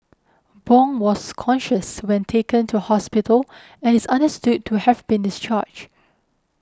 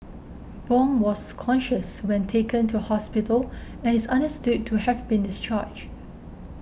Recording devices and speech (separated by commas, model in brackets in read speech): close-talking microphone (WH20), boundary microphone (BM630), read sentence